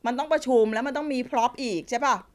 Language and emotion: Thai, frustrated